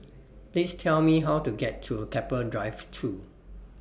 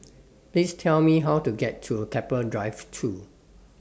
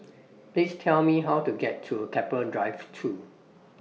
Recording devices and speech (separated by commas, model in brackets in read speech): boundary microphone (BM630), standing microphone (AKG C214), mobile phone (iPhone 6), read sentence